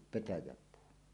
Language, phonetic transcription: Finnish, 'petäjäpuu .
- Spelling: petäjäpuu

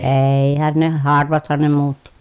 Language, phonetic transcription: Finnish, eeeihän ne harvathan ne muutti .
- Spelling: eihän ne harvathan ne muutti

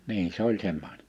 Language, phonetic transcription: Finnish, 'niin se ‿oĺ 'semmo(ɪɴᴇɴ) .
- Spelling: niin se oli semmoinen

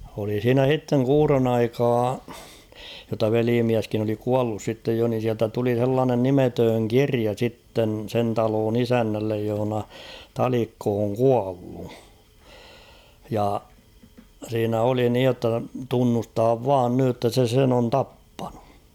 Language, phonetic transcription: Finnish, oli 's̬iinä "h̬itteŋ "kuuron 'aikaa , jotta 'veliimiäskin ‿oli "kuallus sittej jo nin̬ siältä tuli 'h̬ellaanen "nimetööŋ "kiria 'sitten̳ 'sen taloon "isännällej johᵒna , "Talikko oŋ "kuallu ; ja , 'siinä oli 'niij jotta "tunnustaav "vaan nyj jotta 'se 'sen ‿on "tappᴀɴᴜ .
- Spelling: oli siinä sitten kuuron aikaa jotta velimieskin oli kuollut sitten jo niin sieltä tuli sellainen nimetön kirja sitten sen talon isännälle jossa Talikko on kuollut ja siinä oli niin jotta tunnustaa vain nyt jotta se sen on tappanut

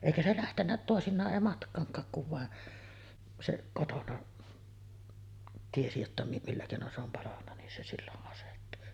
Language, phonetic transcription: Finnish, 'èikä se 'lähtennä tòesin̆naaˀ 'ˀèi 'matk̀aaŋk̀aak kuv vàe , se 'kotona , tiesi jotta mi- 'millä kèinon se ‿om 'palanna nin se 'sillo’ ’asettu .
- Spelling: eikä se lähtenyt toisinaan ei matkaankaan kun vain se kotona tiesi jotta - millä keinoin se on palanut niin se silloin asettui

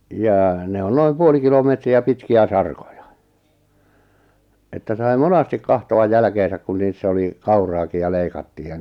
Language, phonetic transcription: Finnish, jaa 'ne on 'noim "puoli kilomètri₍ä 'pitki₍ä "sarkoja , että sai̬ "monastik 'kahto₍aj 'jälᵃ̈keesäk kun niissä oli , 'kauraaki(j) ja 'leikattiij ja .
- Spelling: jaa ne on noin puoli kilometriä pitkiä sarkoja että sai monesti katsoa jälkeensä kun niissä oli kauraakin ja leikattiin ja

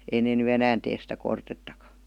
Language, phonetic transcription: Finnish, 'ei nee ny "enään tees sitä 'kortettakA .
- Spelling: ei ne nyt enää tee sitä kortettakaan

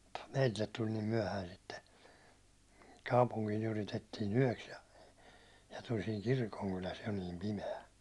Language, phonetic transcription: Finnish, ja , ᴍᴜttᴀ 'meitillet tul nim 'myäₒhäin sitte , 'kaupuŋkiin ‿yritettiin "yäₒks ja , ja tul siiŋ "kirkoŋkyläs jo niim 'pime₍ä .
- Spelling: ja mutta meille tuli niin myöhään sitten kaupunkiin yritettiin yöksi ja ja tuli siinä kirkonkylässä jo niin pimeä

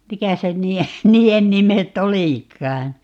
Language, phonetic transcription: Finnish, 'mikä se 'ǹii₍e , "nii₍en 'mimet"t̆ ‿olìk̀aan̬ ?
- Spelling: mikä se niiden niiden nimet olikaan

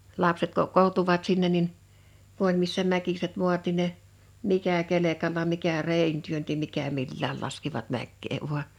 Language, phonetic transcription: Finnish, 'lapset 'kokkooᵁtuvat 'sinnen nin , 'ku ‿oĺ missä 'mäkiset 'mu̬at nin ne , 'mikä 'kelekalla 'mikä "rèin työnti 'mikä 'millääl laskivat 'mäkkee vua .
- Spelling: lapset kokoontuivat sinne niin kun oli missä mäkiset maat niin ne mikä kelkalla mikä reen työnsi mikä milläkin laskivat mäkeä vain

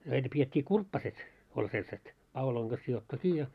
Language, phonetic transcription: Finnish, näitä piet́t́ii "kurppaset , 'oĺ selset , 'pauloiŋ ɢas sijottu "kii ja .
- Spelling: näitä pidettiin kurppaset oli sellaiset paulojen kanssa sidottu kiinni ja

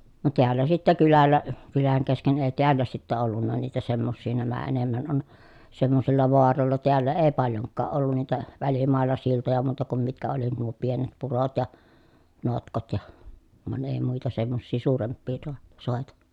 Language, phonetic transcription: Finnish, no teällä sittä kylällä , kyläŋ kesken èi̮ teällä sittä ollunna niitä semmossii nämä enemmän on , semmosilla voarolla teällä ee paljoŋkkaa ʼollun niitä , välimàel̀a siltoja muuta kum mitkä oli nuo pienet purot ja , notkot ja , van èi muita semmossii suuremppii toa- , sòeta .
- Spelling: no täällä sitten kylällä kylän kesken ei täällä sitten ollut niitä semmoisia nämä enemmän on semmoisilla vaaroilla täällä ei paljonkaan ollut niitä välimailla siltoja muuta kuin mitkä oli nuo pienet purot ja notkot ja vaan ei muita semmoisia suurempia - soita

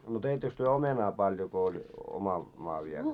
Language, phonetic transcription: Finnish, no 'teittöks työ 'omenaa paljo ko oĺ , 'oma , maa viel ?
- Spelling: no teittekö te omenaa paljon kun oli oma maa vielä

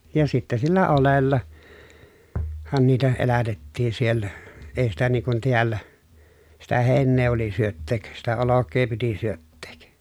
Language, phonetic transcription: Finnish, ja sittä sillä olella- , -han niitä elätettiin siellä , ei sitä nii kun tiällä , sitä hèi̮nnee oli syötteek , sitä olok̆kee piti syötteek .
- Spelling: ja sitten sillä - oljellahan niitä elätettiin siellä ei sitä niin kun täällä sitä heinää oli syöttää sitä olkea piti syöttää

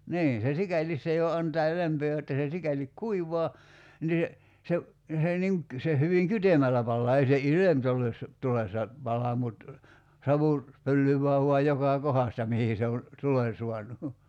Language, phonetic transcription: Finnish, 'niin̬ se "sikälis se jo 'antaa 'lämpöö jotta se 'sikälik "kuivoa , nii (se) , 'se , se niŋ ‿k- , se hyviŋ "kytemällä pallaa ei se "ilemtulessa , '-tulessa , 'pala mut , 'savu , 'pöllyv̀ää vuaj 'jokà "kohasta 'mihi se on̬ , 'tulen̬ suanu .
- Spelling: niin se sikäli se jo antaa lämpöä jotta se sikäli kuivaa niin se se se niin - se hyvin kytemällä palaa ei se ilmitulessa - pala mutta savu pöllyää vain joka kohdasta mihin se on tulen saanut

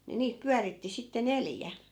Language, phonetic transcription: Finnish, ni 'niit 'pyäritti sitte "neljä .
- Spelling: niin niitä pyöritti sitten neljä

